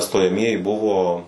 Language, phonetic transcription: Lithuanian, stojaˈmieji ˈbuvo

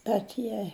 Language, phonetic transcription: Lithuanian, bet ˈjie

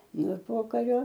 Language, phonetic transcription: Lithuanian, nu ir ˈpokario

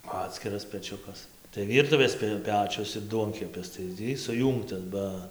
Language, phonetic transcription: Lithuanian, ˈatskiras peˈčiukas tai ˈvyrtuvės pi ˈpečius ir ˈduonkepis tai ˈtį suˈjūngtas ˈba

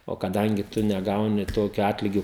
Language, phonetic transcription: Lithuanian, o kaˈdangi ˈtu neˈgauni ˈtokiu ˈatligiu

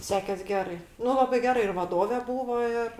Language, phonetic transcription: Lithuanian, ˈsekes ˈgerai ˈnu ˈlabai ˈgera ir vaˈdove ˈbūvo ˈir

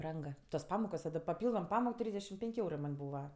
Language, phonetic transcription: Lithuanian, ˈbrang tos ˈpamokos o ˈda paˈpyldom ˈpamok ˈtrysdešim ˈpenk' ˈeurɜ man' ˈbūva

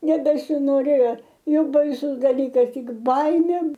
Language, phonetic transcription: Lithuanian, nebesinoˈrėjo ˈjog baiˈsus daˈlykas ˈtik ˈbaimė

